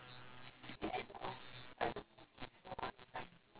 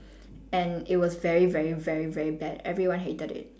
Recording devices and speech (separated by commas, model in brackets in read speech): telephone, standing microphone, conversation in separate rooms